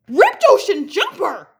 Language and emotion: English, surprised